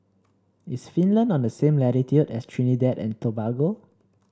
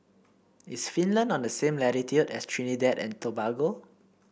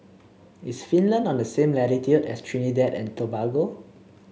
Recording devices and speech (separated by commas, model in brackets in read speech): standing microphone (AKG C214), boundary microphone (BM630), mobile phone (Samsung C7), read sentence